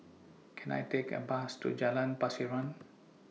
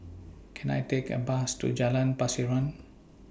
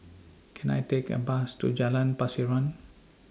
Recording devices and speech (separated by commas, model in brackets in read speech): mobile phone (iPhone 6), boundary microphone (BM630), standing microphone (AKG C214), read sentence